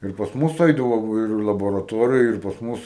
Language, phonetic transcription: Lithuanian, ir pas ˈmus ˈaidavo ˈva ir i laboraˈtorija ir pas ˈmus

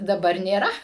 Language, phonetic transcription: Lithuanian, daˈbar nėˈra

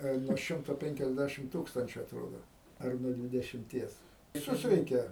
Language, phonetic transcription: Lithuanian, a i nuo ˈšimto penkiasˈdæšim ˈtūkstančių atˈrodo ˈar nuo dvidešimˈties viˈsus ˈreikia

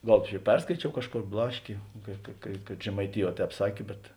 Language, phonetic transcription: Lithuanian, ˈgal čia ˈperskaičiau ˈkažˌkor ˈblaškė ka ka kad žemaiˈtiˌjuoˈtēp ˈsakė bet

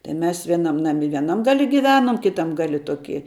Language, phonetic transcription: Lithuanian, tai mes vieˈnam naˈmi vieˈnam gaˈli giˈvenom kiˈtam ˈgali ˈtoki

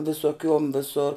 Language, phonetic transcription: Lithuanian, visoˈkiuom viˈsor

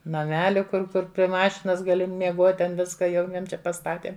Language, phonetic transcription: Lithuanian, naˈmeli kur ˈkur pri ˈmašinas gaˈli mieˈguot' ten ˈviska jau ˈjiem ˈčia paˈstatėm

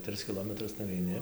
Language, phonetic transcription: Lithuanian, ˈtrɨs kiˈlometrus nuveiˈni

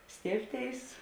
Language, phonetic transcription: Lithuanian, ˈstėibˌtėis

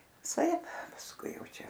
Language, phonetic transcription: Lithuanian, viˈsaip pasˈkui ˈjau ˈčia

